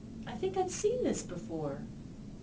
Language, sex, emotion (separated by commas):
English, female, neutral